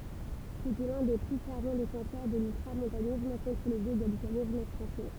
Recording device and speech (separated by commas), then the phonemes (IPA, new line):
temple vibration pickup, read sentence
setɛ lœ̃ de ply fɛʁv defɑ̃sœʁ də lyltʁamɔ̃tanism kɔ̃tʁ lə vjø ɡalikanism fʁɑ̃sɛ